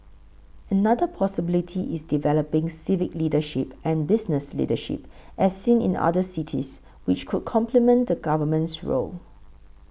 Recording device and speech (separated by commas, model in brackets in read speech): boundary microphone (BM630), read sentence